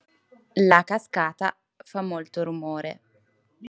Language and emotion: Italian, neutral